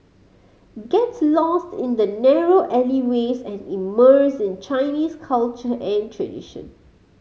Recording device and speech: mobile phone (Samsung C5010), read sentence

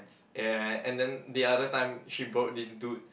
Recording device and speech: boundary microphone, conversation in the same room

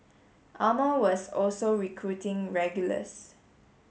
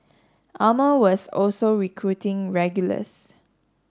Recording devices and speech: mobile phone (Samsung S8), standing microphone (AKG C214), read sentence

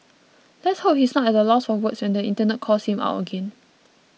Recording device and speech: mobile phone (iPhone 6), read sentence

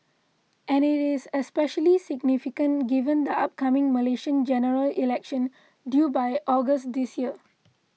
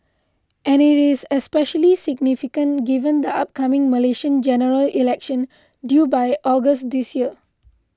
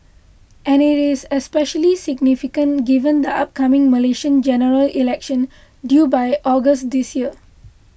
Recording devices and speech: mobile phone (iPhone 6), close-talking microphone (WH20), boundary microphone (BM630), read sentence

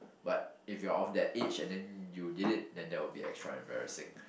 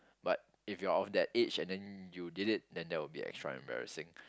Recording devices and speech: boundary microphone, close-talking microphone, conversation in the same room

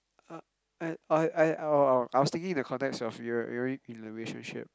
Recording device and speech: close-talking microphone, conversation in the same room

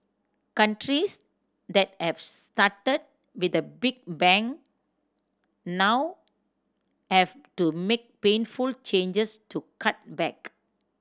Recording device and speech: standing microphone (AKG C214), read sentence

